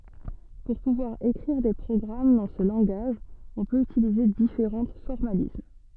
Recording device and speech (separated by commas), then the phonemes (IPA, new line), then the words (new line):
soft in-ear microphone, read sentence
puʁ puvwaʁ ekʁiʁ de pʁɔɡʁam dɑ̃ sə lɑ̃ɡaʒ ɔ̃ pøt ytilize difeʁɑ̃ fɔʁmalism
Pour pouvoir écrire des programmes dans ce langage on peut utiliser différents formalismes.